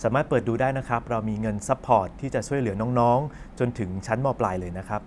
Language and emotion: Thai, neutral